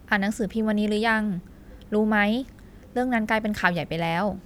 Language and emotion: Thai, neutral